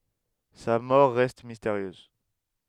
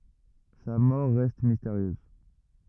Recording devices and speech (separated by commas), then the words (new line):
headset microphone, rigid in-ear microphone, read sentence
Sa mort reste mystérieuse.